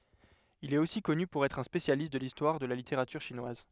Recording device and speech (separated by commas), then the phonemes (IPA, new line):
headset microphone, read sentence
il ɛt osi kɔny puʁ ɛtʁ œ̃ spesjalist də listwaʁ də la liteʁatyʁ ʃinwaz